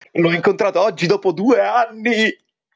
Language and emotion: Italian, happy